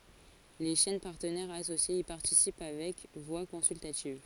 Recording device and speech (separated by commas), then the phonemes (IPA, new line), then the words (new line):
forehead accelerometer, read sentence
le ʃɛn paʁtənɛʁz asosjez i paʁtisip avɛk vwa kɔ̃syltativ
Les chaînes partenaires associées y participent avec voix consultative.